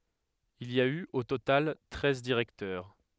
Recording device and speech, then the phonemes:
headset microphone, read sentence
il i a y o total tʁɛz diʁɛktœʁ

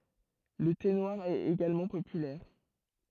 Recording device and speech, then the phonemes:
throat microphone, read sentence
lə te nwaʁ ɛt eɡalmɑ̃ popylɛʁ

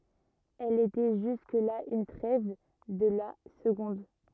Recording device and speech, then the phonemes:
rigid in-ear microphone, read sentence
ɛl etɛ ʒysk la yn tʁɛv də la səɡɔ̃d

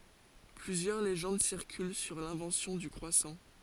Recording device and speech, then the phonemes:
forehead accelerometer, read sentence
plyzjœʁ leʒɑ̃d siʁkyl syʁ lɛ̃vɑ̃sjɔ̃ dy kʁwasɑ̃

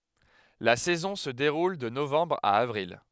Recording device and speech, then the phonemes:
headset microphone, read sentence
la sɛzɔ̃ sə deʁul də novɑ̃bʁ a avʁil

